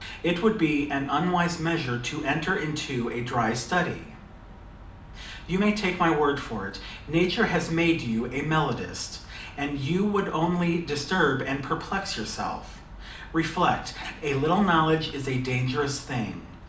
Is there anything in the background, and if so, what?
Nothing.